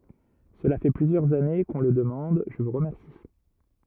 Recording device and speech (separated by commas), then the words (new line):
rigid in-ear microphone, read sentence
Cela fait plusieurs années que on le demande, je vous remercie.